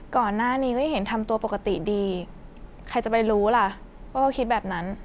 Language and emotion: Thai, neutral